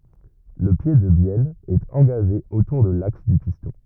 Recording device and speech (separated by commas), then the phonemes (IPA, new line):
rigid in-ear microphone, read sentence
lə pje də bjɛl ɛt ɑ̃ɡaʒe otuʁ də laks dy pistɔ̃